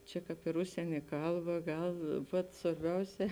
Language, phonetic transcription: Lithuanian, ˈčia ˈkāp ir ˈužsienė ˈkalˌba ˈgal ˈvat svarˈbiauˌsē

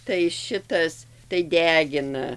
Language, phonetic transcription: Lithuanian, tai ˈšitas tai ˈdegina

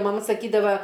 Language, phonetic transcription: Lithuanian, maˈma saˈkydava

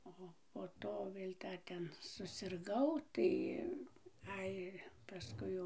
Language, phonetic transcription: Lithuanian, ˈo po ˈto ˈvėl' ˈdar ˈten susirˈgau ˈtai ˈai paˈskui jau

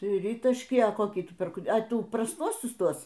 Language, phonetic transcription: Lithuanian, ˈtrytašky a ˈkokį ˈtu ˈpirk a ˈtų prasˈtuosius ˈtuos

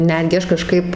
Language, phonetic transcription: Lithuanian, ˈnetgi ˈaš kaˈžkaip

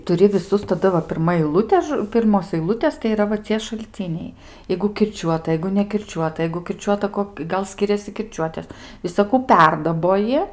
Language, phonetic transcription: Lithuanian, tuˈri viˈsus taˈda va pirˈma eiˈlutė ˈpirmos aiˈlutės tai yˈra va ˈcie šalˈciniai ˈjeigu kirˈčiuota ˈjeigu nekirˈčiuota ˈjeigu kirˈčiuota ˈkok ˈgal ˈskiriasi kirˈčiuotės visaˈkų ˈperdaboji

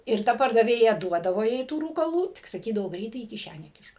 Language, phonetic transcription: Lithuanian, ir ˈta pardaˈvėja ˈduodavo jai tų rūkaˈlų tik saˈkydavo ˈgreitai į kiˈšænę ˈkišk

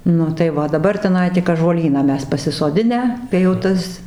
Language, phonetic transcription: Lithuanian, ˈnu tai ˈva o daˈbar teˈnai tik ąžuoˈlyną ˈmes pasisoˈdinę kai jau ˈtas

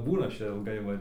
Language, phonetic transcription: Lithuanian, ˈbūnu ˈaš ˈčia ilˈgai va

